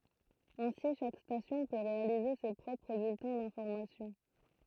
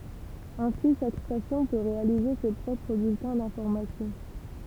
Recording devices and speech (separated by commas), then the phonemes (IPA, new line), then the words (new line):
throat microphone, temple vibration pickup, read sentence
ɛ̃si ʃak stasjɔ̃ pø ʁealize se pʁɔpʁ byltɛ̃ dɛ̃fɔʁmasjɔ̃
Ainsi chaque station peut réaliser ses propres bulletins d’information.